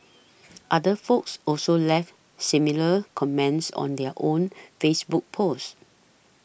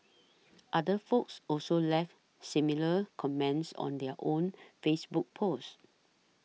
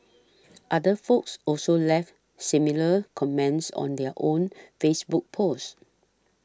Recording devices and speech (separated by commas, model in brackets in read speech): boundary microphone (BM630), mobile phone (iPhone 6), standing microphone (AKG C214), read sentence